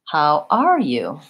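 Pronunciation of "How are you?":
In 'How are you?', the pitch starts at a medium level, rises to high on the stressed word, and then falls off to low.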